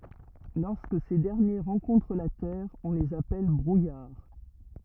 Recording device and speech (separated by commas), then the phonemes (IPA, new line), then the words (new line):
rigid in-ear microphone, read sentence
lɔʁskə se dɛʁnje ʁɑ̃kɔ̃tʁ la tɛʁ ɔ̃ lez apɛl bʁujaʁ
Lorsque ces derniers rencontrent la terre, on les appelle brouillard.